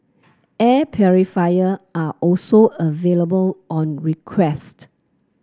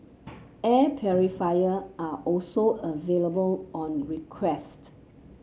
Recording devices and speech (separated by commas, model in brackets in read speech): close-talking microphone (WH30), mobile phone (Samsung C7), read sentence